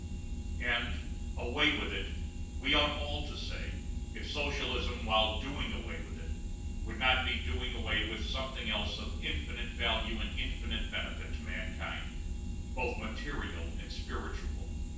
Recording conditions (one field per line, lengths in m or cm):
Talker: one person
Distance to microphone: 9.8 m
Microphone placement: far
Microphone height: 1.8 m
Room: large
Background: none